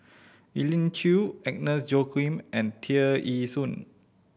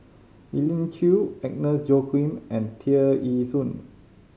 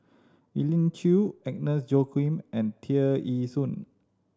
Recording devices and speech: boundary microphone (BM630), mobile phone (Samsung C5010), standing microphone (AKG C214), read sentence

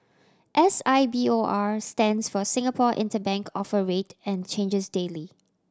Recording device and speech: standing microphone (AKG C214), read sentence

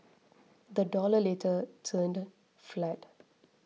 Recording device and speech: mobile phone (iPhone 6), read sentence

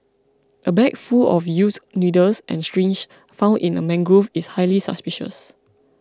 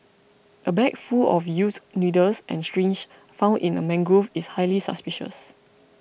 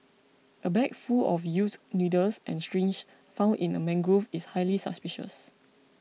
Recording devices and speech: close-talking microphone (WH20), boundary microphone (BM630), mobile phone (iPhone 6), read sentence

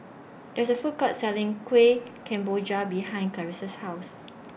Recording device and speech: boundary microphone (BM630), read sentence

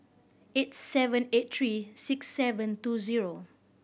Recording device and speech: boundary microphone (BM630), read sentence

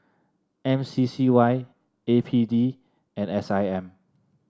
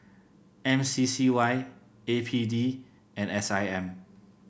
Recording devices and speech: standing microphone (AKG C214), boundary microphone (BM630), read sentence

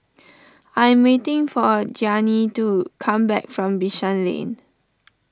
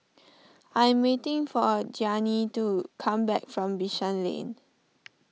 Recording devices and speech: standing microphone (AKG C214), mobile phone (iPhone 6), read sentence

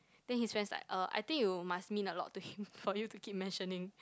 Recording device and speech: close-talking microphone, conversation in the same room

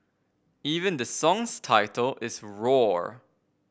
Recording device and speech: boundary microphone (BM630), read sentence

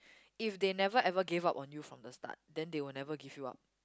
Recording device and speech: close-talking microphone, conversation in the same room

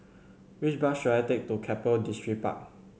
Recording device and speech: mobile phone (Samsung C7100), read sentence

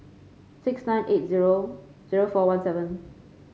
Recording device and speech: mobile phone (Samsung C5), read sentence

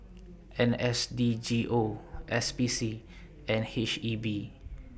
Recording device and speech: boundary microphone (BM630), read sentence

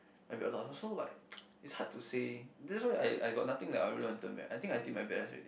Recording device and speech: boundary microphone, conversation in the same room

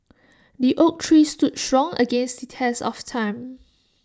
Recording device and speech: standing microphone (AKG C214), read sentence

